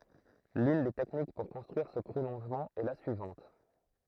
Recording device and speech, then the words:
throat microphone, read sentence
L'une des techniques pour construire ce prolongement est la suivante.

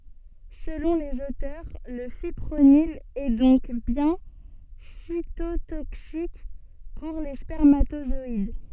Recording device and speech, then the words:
soft in-ear microphone, read sentence
Selon les auteurs, le fipronil est donc bien cytotoxique pour les spermatozoïdes.

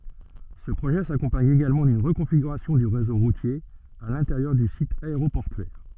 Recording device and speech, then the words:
soft in-ear microphone, read sentence
Ce projet s'accompagne également d'une reconfiguration du réseau routier à l'intérieur du site aéroportuaire.

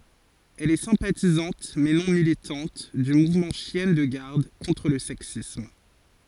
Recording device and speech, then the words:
forehead accelerometer, read sentence
Elle est sympathisante, mais non militante, du mouvement Chiennes de garde contre le sexisme.

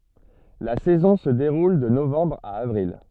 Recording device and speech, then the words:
soft in-ear microphone, read sentence
La saison se déroule de novembre à avril.

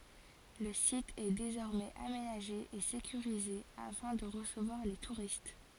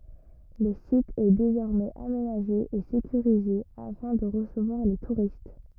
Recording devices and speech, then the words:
forehead accelerometer, rigid in-ear microphone, read sentence
Le site est désormais aménagé et sécurisé afin de recevoir les touristes.

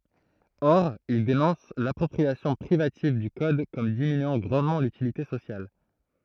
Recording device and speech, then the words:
throat microphone, read sentence
Or, il dénonce l'appropriation privative du code comme diminuant grandement l'utilité sociale.

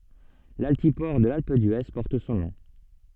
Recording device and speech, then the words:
soft in-ear microphone, read sentence
L'altiport de l'Alpe d'Huez porte son nom.

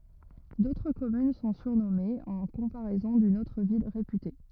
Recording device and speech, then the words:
rigid in-ear microphone, read sentence
D'autres communes sont surnommées en comparaison d'une autre ville réputée.

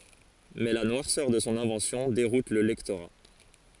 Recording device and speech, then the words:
forehead accelerometer, read sentence
Mais la noirceur de son invention déroute le lectorat.

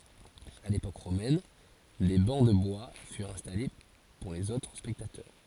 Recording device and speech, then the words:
forehead accelerometer, read sentence
À l'époque romaine, des bancs de bois furent installés pour les autres spectateurs.

